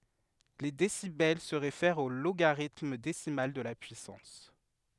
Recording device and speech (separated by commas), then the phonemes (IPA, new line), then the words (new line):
headset microphone, read sentence
le desibɛl sə ʁefɛʁt o loɡaʁitm desimal də la pyisɑ̃s
Les décibels se réfèrent au logarithme décimal de la puissance.